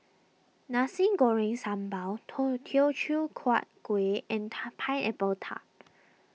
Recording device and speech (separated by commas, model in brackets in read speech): mobile phone (iPhone 6), read sentence